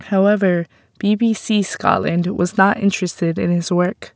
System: none